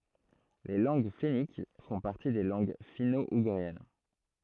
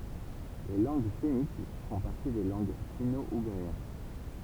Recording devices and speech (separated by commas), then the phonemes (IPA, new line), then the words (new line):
throat microphone, temple vibration pickup, read sentence
le lɑ̃ɡ fɛnik fɔ̃ paʁti de lɑ̃ɡ fino uɡʁiɛn
Les langues fenniques font partie des langues finno-ougriennes.